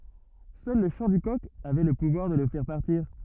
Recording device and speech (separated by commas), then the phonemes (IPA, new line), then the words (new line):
rigid in-ear microphone, read sentence
sœl lə ʃɑ̃ dy kɔk avɛ lə puvwaʁ də lə fɛʁ paʁtiʁ
Seul le chant du coq avait le pouvoir de le faire partir.